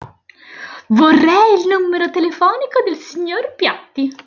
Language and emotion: Italian, happy